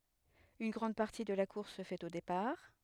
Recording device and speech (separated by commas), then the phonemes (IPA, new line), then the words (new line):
headset microphone, read sentence
yn ɡʁɑ̃d paʁti də la kuʁs sə fɛt o depaʁ
Une grande partie de la course se fait au départ.